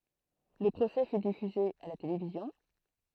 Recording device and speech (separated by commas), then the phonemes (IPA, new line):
throat microphone, read sentence
lə pʁosɛ fy difyze a la televizjɔ̃